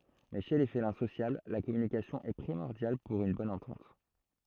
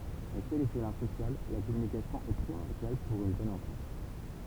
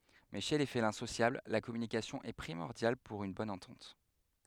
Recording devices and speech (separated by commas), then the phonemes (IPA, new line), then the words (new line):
throat microphone, temple vibration pickup, headset microphone, read sentence
mɛ ʃe le felɛ̃ sosjabl la kɔmynikasjɔ̃ ɛ pʁimɔʁdjal puʁ yn bɔn ɑ̃tɑ̃t
Mais chez les félins sociables, la communication est primordiale pour une bonne entente.